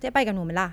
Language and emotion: Thai, neutral